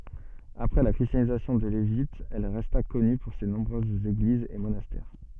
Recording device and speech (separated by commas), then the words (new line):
soft in-ear microphone, read sentence
Après la christianisation de l'Égypte elle resta connue pour ses nombreuses églises et monastères.